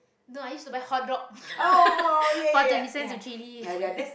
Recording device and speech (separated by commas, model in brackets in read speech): boundary microphone, conversation in the same room